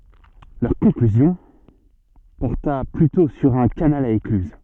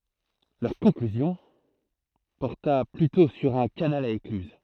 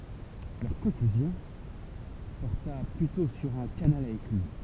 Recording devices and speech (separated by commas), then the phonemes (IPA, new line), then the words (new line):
soft in-ear microphone, throat microphone, temple vibration pickup, read sentence
lœʁ kɔ̃klyzjɔ̃ pɔʁta plytɔ̃ syʁ œ̃ kanal a eklyz
Leur conclusion porta plutôt sur un canal à écluses.